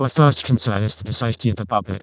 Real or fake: fake